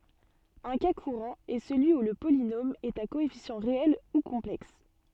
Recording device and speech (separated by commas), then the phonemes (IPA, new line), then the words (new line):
soft in-ear microphone, read sentence
œ̃ ka kuʁɑ̃ ɛ səlyi u lə polinom ɛt a koɛfisjɑ̃ ʁeɛl u kɔ̃plɛks
Un cas courant est celui où le polynôme est à coefficients réels ou complexes.